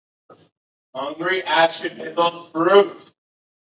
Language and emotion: English, fearful